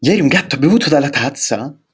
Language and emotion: Italian, surprised